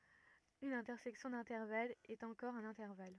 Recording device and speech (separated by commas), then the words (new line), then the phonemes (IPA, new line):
rigid in-ear microphone, read sentence
Une intersection d'intervalles est encore un intervalle.
yn ɛ̃tɛʁsɛksjɔ̃ dɛ̃tɛʁvalz ɛt ɑ̃kɔʁ œ̃n ɛ̃tɛʁval